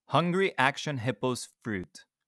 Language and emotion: English, neutral